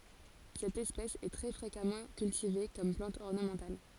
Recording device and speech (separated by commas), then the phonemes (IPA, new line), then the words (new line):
forehead accelerometer, read sentence
sɛt ɛspɛs ɛ tʁɛ fʁekamɑ̃ kyltive kɔm plɑ̃t ɔʁnəmɑ̃tal
Cette espèce est très fréquemment cultivée comme plante ornementale.